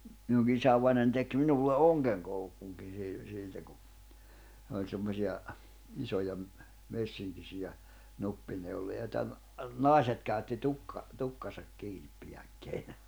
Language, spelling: Finnish, minunkin isävainajani teki minulle ongenkoukunkin - siltä kun oli semmoisia isoja - messinkisiä nuppineuloja joita - naiset käytti - tukkansa kiinnipidikkeinä
- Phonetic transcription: minuŋki 'isävainań tek 'minulle "’oŋɢeŋkouk̀uŋkin̬ sil- , siltä ku , òĺ semmosi₍a , 'isoja ‿m- , 'messiŋkisijä , 'nuppineuloja joⁱta ‿n- , 'nàiset käytti 'tukka- , 'tukkasak 'kiinippijäkkeinä .

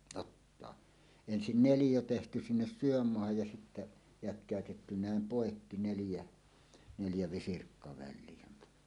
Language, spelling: Finnish, ottaa ensin neliö tehty sinne sydänmaahan ja sitten jatkettu näin poikki neljä neljä visirkkaväliä
- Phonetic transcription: 'ottoa , 'ensin "nelijo tehty sinnes "syömmoahaj ja sittä , 'jätk̀ä̀ötetty 'nä̀em "pòekki 'neljä , neljä 'visirkkaväil̆lie .

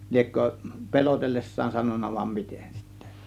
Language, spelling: Finnish, liekö pelotellessaan sanonut vai miten sitten
- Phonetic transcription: 'ĺiekkö , "pe̬lotelles̀saan 'sanon̆na vam 'mitEN sIttE .

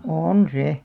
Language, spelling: Finnish, on se
- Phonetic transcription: òn 'se .

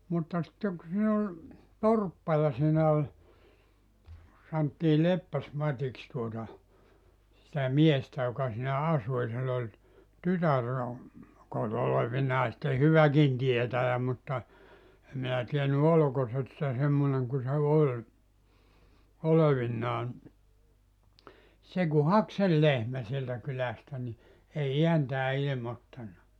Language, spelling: Finnish, mutta sitten kun siinä oli torppa ja siinä oli sanottiin Leppäs-Matiksi tuota sitä miestä joka siinä asui ja sillä oli tytär no - olevinaan sitten hyväkin tietäjä mutta en minä tiennyt oliko - - se semmoinen kun se oli olevinaan se kun haki sen lehmän sieltä kylästä niin ei ääntään ilmoittanut
- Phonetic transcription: mutta sitteŋ ku siin ‿ol , "torppa ja siinä oĺ , santtii 'Leppäs'mat́iks tuota , sitä 'miestä joka siinä 'asu ja sill ‿oĺ , "tytär no , (kot) 'olevinaa sⁱtte "hyväkin 'tietäjä mutta , 'em minä tieny "olᵒko se( ‿t-) se 'semmoneŋ ku se "oĺ , 'olevinnaan , se ku "hak sel "lehmä sieltä 'kylästä ni , 'ei 'iäntää 'ilⁱmottanna .

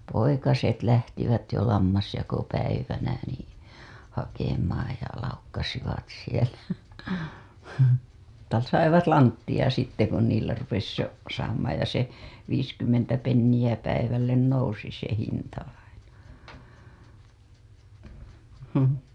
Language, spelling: Finnish, poikaset lähtivät jo lammasjakopäivänä niin hakemaan ja laukkasivat siellä - saivat lanttia sitten kun niillä rupesi jo saamaan ja se viisikymmentä penniä päivälle nousi se hinta aina
- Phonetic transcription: poikaset "lähtivät jo 'lammasjakopäivänä nii , hakemaaj ja laukkasivat sielä , -ta 'saivat "lanttiʲa sitte kun niillä rupes jo , saamaaj ja se , viiskymmentä pennijä päivällen 'nousi se hinta aina .

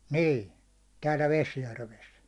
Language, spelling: Finnish, niin täällä Vesijärvessä
- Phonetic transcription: 'nii , täälᴀ̈ 'Vesjärves .

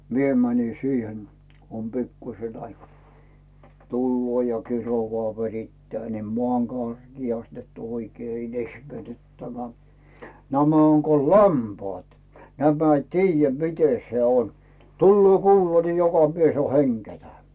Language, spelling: Finnish, minä menin siihen kun on pikkuisen aikaa tulee ja kiroaa verittää niin maan karkeasti että oikein - ihmetyttämään nämä on kun lampaat nämä ei tiedä miten se on tulee kuula niin joka mies on hengettä
- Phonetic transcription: 'mie mäni "siihen , kᵘ om 'pikkuⁱse aikaa , "tulloo ja "kirovaa "verittää 'nim 'moàm "karGiast net oikee 'il- ehmetyttämää » 'nämä oŋ ko "lampaat , nämä ‿i "tiijjä 'mite se 'on , 'tulloo "kuula ni "joka 'mies ‿o 'heŋGetä .

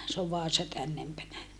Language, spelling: Finnish, se on Vaasa tännempänä
- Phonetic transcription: s ‿ov Vaasa tännempänä .

